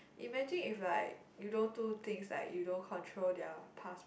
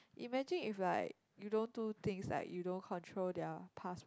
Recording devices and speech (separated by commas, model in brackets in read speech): boundary microphone, close-talking microphone, conversation in the same room